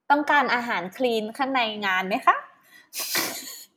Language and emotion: Thai, happy